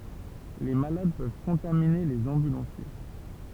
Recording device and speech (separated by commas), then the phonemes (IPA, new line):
temple vibration pickup, read sentence
le malad pøv kɔ̃tamine lez ɑ̃bylɑ̃sje